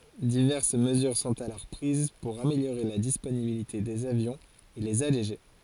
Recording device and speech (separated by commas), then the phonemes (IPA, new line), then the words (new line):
forehead accelerometer, read sentence
divɛʁs məzyʁ sɔ̃t alɔʁ pʁiz puʁ ameljoʁe la disponibilite dez avjɔ̃z e lez aleʒe
Diverses mesures sont alors prises pour améliorer la disponibilité des avions et les alléger.